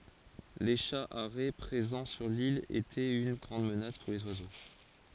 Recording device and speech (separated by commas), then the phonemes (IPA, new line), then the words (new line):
forehead accelerometer, read sentence
le ʃa aʁɛ pʁezɑ̃ syʁ lil etɛt yn ɡʁɑ̃d mənas puʁ lez wazo
Les chats harets présents sur l’île étaient une grande menace pour les oiseaux.